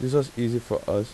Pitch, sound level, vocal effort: 120 Hz, 84 dB SPL, soft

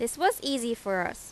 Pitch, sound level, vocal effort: 235 Hz, 87 dB SPL, loud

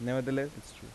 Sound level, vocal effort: 85 dB SPL, soft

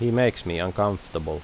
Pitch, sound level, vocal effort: 95 Hz, 81 dB SPL, normal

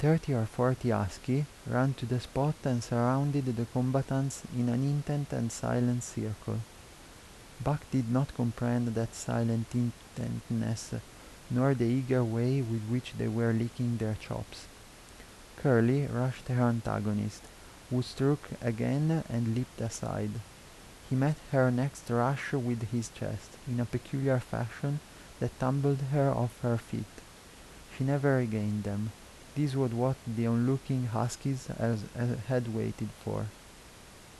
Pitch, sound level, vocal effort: 120 Hz, 78 dB SPL, soft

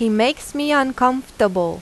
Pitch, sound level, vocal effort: 250 Hz, 88 dB SPL, loud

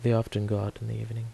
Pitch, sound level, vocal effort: 115 Hz, 76 dB SPL, soft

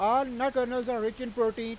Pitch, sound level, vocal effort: 245 Hz, 100 dB SPL, very loud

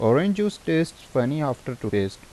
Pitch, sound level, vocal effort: 130 Hz, 84 dB SPL, normal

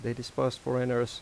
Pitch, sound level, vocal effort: 125 Hz, 84 dB SPL, normal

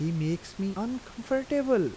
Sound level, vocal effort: 83 dB SPL, soft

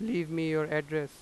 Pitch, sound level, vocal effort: 155 Hz, 93 dB SPL, loud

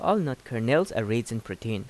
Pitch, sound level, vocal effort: 115 Hz, 84 dB SPL, normal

